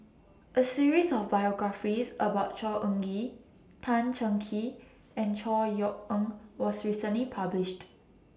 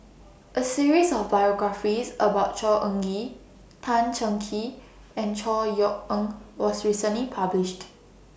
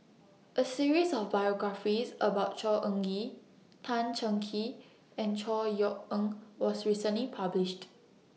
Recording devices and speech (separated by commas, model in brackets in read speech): standing microphone (AKG C214), boundary microphone (BM630), mobile phone (iPhone 6), read sentence